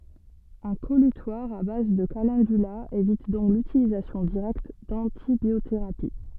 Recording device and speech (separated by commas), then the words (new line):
soft in-ear microphone, read sentence
Un collutoire à base de calendula évite donc l'utilisation directe d'antibiothérapie.